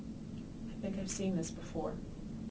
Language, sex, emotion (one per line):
English
female
neutral